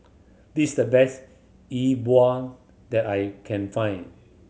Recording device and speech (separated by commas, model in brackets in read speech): mobile phone (Samsung C7100), read sentence